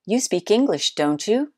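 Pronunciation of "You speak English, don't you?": The intonation goes up at the end, on the tag 'don't you', so it sounds like the speaker really doesn't know whether the person speaks English.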